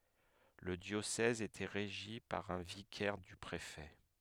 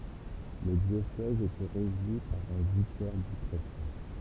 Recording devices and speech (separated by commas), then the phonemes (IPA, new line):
headset microphone, temple vibration pickup, read sentence
lə djosɛz etɛ ʁeʒi paʁ œ̃ vikɛʁ dy pʁefɛ